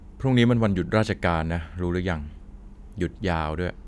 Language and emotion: Thai, neutral